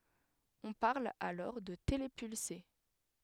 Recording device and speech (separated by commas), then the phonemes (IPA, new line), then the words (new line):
headset microphone, read sentence
ɔ̃ paʁl alɔʁ də telepylse
On parle alors de télépulsé.